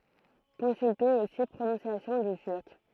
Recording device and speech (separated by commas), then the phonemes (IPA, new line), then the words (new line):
throat microphone, read sentence
kɔ̃sylte osi pʁonɔ̃sjasjɔ̃ dy tyʁk
Consulter aussi Prononciation du turc.